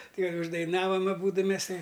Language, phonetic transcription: Lithuanian, ˈkai uždaiˈnavam aˈbūdu ˈmes ˈtai

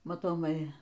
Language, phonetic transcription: Lithuanian, matoˈmai

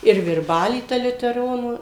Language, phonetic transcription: Lithuanian, ir virˈbaly ˈta liuteˈronų

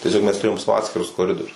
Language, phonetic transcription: Lithuanian, tieˈsiog mes tuˈrėjom ˈsavo ˈatskirus koˈridorius

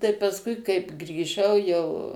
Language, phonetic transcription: Lithuanian, tai pasˈkui kaip grįˈžau jau

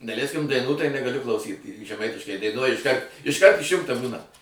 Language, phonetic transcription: Lithuanian, daˈlæiskim daiˈnų tai negaˈliu klauˈsyt žeˈmaitiškai daiˈnuoj išˈkart išˈkart išˈjungta ˈbūna

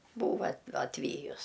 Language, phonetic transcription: Lithuanian, ˈbūva a atˈvyjus

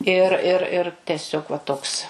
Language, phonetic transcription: Lithuanian, ir ir ir teˈsiog va ˈtoks

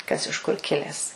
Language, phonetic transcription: Lithuanian, kas iš kur ˈkiles

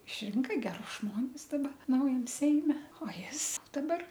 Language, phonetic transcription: Lithuanian, išˈrinka geˈrus ˈžmonis daˈba ˈnaujam ˈseime o ˈjis daˈbar

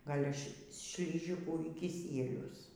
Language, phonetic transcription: Lithuanian, ˈgal' š šliˈžikų y kiˈsielius

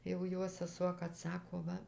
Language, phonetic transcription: Lithuanian, jau ˈjo seˈsuo kad ˈsako ˈva

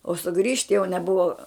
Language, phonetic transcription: Lithuanian, o suˈgrįžt jau neˈbuva

